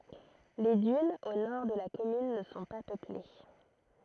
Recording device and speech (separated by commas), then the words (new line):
throat microphone, read sentence
Les dunes au nord de la commune ne sont pas peuplées.